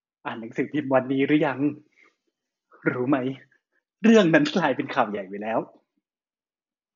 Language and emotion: Thai, happy